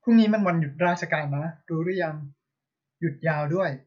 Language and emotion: Thai, neutral